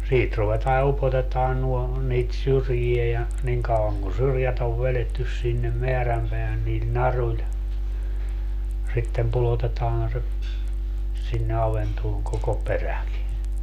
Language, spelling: Finnish, siitä ruvetaan ja upotetaan nuo niitä syrjiä ja niin kauan kuin syrjät on vedetty sinne määränpäähän niillä naruilla sitten pudotetaan se sinne avantoon koko peräkin
- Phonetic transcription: 'siit ruvetaa ja 'upotetaan nuo , niit "syrjie ja , 'niŋ kauaŋ kun "syrjät ‿ov 'velettys sinnem "meärämpeähän niil 'naruĺ , sittem 'pulotetaan se , sinne 'aventooŋ koko "peräki .

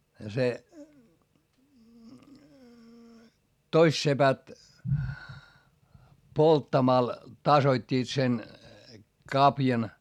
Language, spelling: Finnish, ja se toiset sepät polttamalla tasoittivat sen kavion
- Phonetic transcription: ja se , toist sepät , polttamal , tasoit́t́iit sen , kapjan .

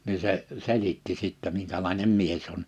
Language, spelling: Finnish, niin se selitti sitten minkälainen mies on
- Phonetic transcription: ni se , 'selitti sittɛ 'miŋkälàinem 'mies ‿on .

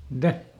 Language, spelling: Finnish, mitä
- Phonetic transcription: mⁱˈtä ?

